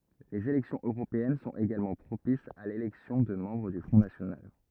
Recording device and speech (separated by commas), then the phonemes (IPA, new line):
rigid in-ear microphone, read sentence
lez elɛksjɔ̃z øʁopeɛn sɔ̃t eɡalmɑ̃ pʁopisz a lelɛksjɔ̃ də mɑ̃bʁ dy fʁɔ̃ nasjonal